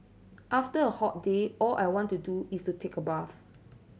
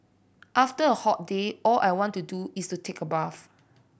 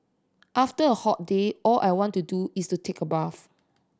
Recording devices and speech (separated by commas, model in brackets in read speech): mobile phone (Samsung C7100), boundary microphone (BM630), standing microphone (AKG C214), read sentence